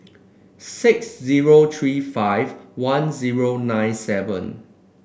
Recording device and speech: boundary microphone (BM630), read sentence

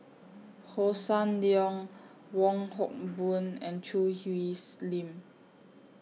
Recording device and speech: mobile phone (iPhone 6), read sentence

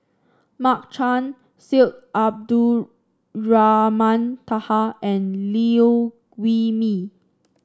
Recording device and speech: standing microphone (AKG C214), read sentence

